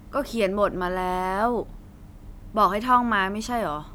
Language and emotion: Thai, frustrated